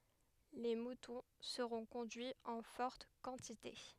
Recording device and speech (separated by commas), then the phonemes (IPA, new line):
headset microphone, read sentence
le mutɔ̃ səʁɔ̃ kɔ̃dyiz ɑ̃ fɔʁt kɑ̃tite